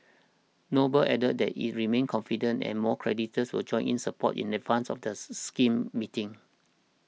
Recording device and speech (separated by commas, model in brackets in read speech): mobile phone (iPhone 6), read sentence